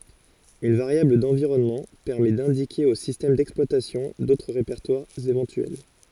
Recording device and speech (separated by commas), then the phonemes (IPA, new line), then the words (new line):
forehead accelerometer, read sentence
yn vaʁjabl dɑ̃viʁɔnmɑ̃ pɛʁmɛ dɛ̃dike o sistɛm dɛksplwatasjɔ̃ dotʁ ʁepɛʁtwaʁz evɑ̃tyɛl
Une variable d'environnement permet d'indiquer au système d'exploitation d'autres répertoires éventuels.